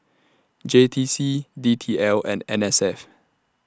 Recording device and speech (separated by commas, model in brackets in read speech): standing microphone (AKG C214), read sentence